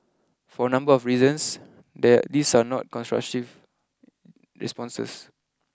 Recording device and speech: close-talking microphone (WH20), read sentence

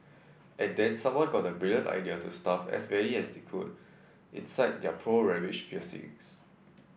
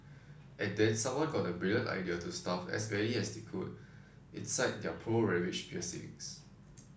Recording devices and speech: boundary microphone (BM630), standing microphone (AKG C214), read sentence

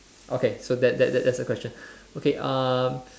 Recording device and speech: standing microphone, conversation in separate rooms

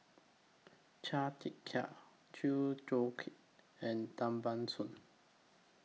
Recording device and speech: mobile phone (iPhone 6), read sentence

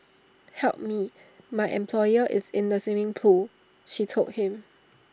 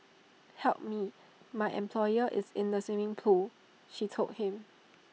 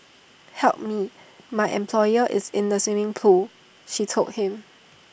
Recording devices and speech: standing microphone (AKG C214), mobile phone (iPhone 6), boundary microphone (BM630), read sentence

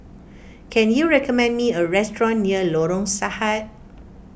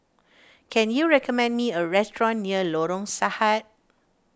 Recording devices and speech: boundary microphone (BM630), standing microphone (AKG C214), read sentence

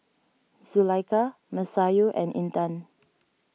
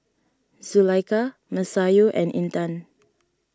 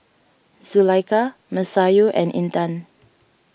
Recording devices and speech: mobile phone (iPhone 6), standing microphone (AKG C214), boundary microphone (BM630), read sentence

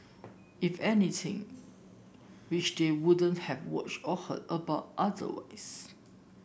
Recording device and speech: boundary microphone (BM630), read sentence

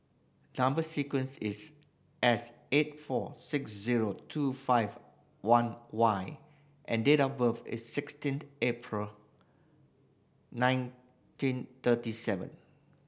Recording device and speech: boundary microphone (BM630), read sentence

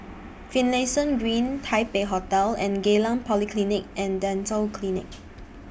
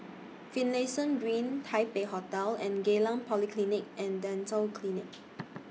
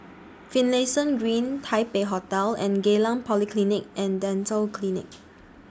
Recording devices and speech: boundary microphone (BM630), mobile phone (iPhone 6), standing microphone (AKG C214), read sentence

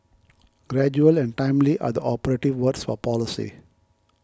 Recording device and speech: close-talking microphone (WH20), read sentence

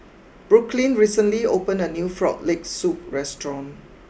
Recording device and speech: boundary microphone (BM630), read sentence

